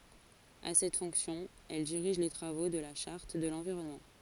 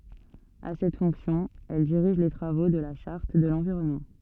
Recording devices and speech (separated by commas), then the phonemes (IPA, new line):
forehead accelerometer, soft in-ear microphone, read sentence
a sɛt fɔ̃ksjɔ̃ ɛl diʁiʒ le tʁavo də la ʃaʁt də lɑ̃viʁɔnmɑ̃